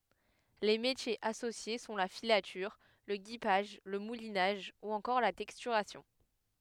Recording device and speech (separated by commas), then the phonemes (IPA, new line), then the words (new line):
headset microphone, read sentence
le metjez asosje sɔ̃ la filatyʁ lə ɡipaʒ lə mulinaʒ u ɑ̃kɔʁ la tɛkstyʁasjɔ̃
Les métiers associés sont la filature, le guipage, le moulinage ou encore la texturation.